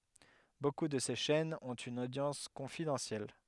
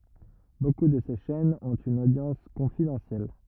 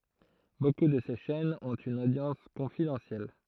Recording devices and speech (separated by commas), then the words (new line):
headset microphone, rigid in-ear microphone, throat microphone, read sentence
Beaucoup de ces chaînes ont une audience confidentielle.